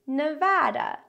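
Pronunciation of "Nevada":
In 'Nevada', the a in the second syllable has the vowel sound of 'cat', not an open ah sound.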